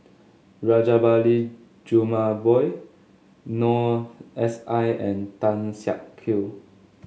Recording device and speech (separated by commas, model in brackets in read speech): mobile phone (Samsung S8), read sentence